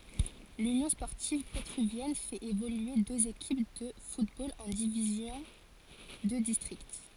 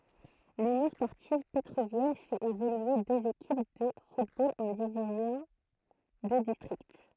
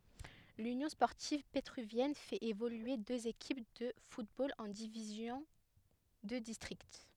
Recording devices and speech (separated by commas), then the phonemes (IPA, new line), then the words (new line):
forehead accelerometer, throat microphone, headset microphone, read sentence
lynjɔ̃ spɔʁtiv petʁyvjɛn fɛt evolye døz ekip də futbol ɑ̃ divizjɔ̃ də distʁikt
L'Union sportive pétruvienne fait évoluer deux équipes de football en divisions de district.